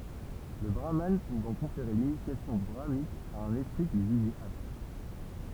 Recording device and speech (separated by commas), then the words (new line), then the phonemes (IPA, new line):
temple vibration pickup, read sentence
Le brahmane pouvant conférer l’initiation brahmanique à un esprit qu'il jugeait apte.
lə bʁaman puvɑ̃ kɔ̃feʁe linisjasjɔ̃ bʁamanik a œ̃n ɛspʁi kil ʒyʒɛt apt